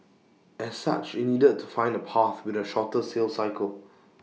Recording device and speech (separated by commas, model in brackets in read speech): mobile phone (iPhone 6), read sentence